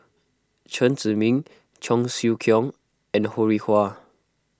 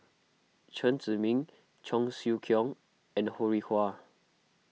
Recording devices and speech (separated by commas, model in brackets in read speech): close-talking microphone (WH20), mobile phone (iPhone 6), read sentence